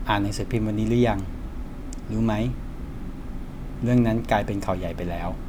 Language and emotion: Thai, neutral